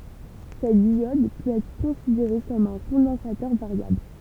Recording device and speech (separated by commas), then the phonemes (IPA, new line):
temple vibration pickup, read sentence
sɛt djɔd pøt ɛtʁ kɔ̃sideʁe kɔm œ̃ kɔ̃dɑ̃satœʁ vaʁjabl